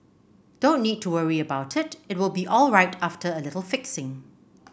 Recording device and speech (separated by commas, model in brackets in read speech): boundary microphone (BM630), read sentence